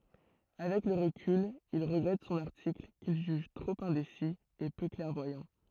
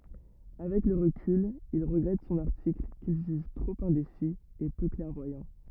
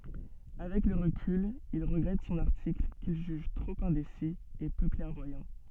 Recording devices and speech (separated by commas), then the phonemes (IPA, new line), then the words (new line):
throat microphone, rigid in-ear microphone, soft in-ear microphone, read sentence
avɛk lə ʁəkyl il ʁəɡʁɛt sɔ̃n aʁtikl kil ʒyʒ tʁop ɛ̃desi e pø klɛʁvwajɑ̃
Avec le recul, il regrette son article, qu'il juge trop indécis et peu clairvoyant.